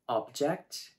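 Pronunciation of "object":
The stress in 'object' falls on the first syllable, as in the noun meaning a thing.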